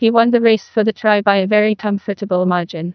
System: TTS, neural waveform model